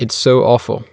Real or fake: real